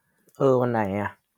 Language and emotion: Thai, neutral